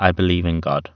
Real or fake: real